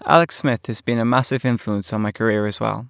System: none